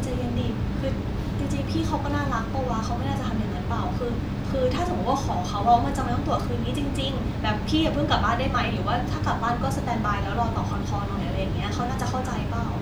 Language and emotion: Thai, neutral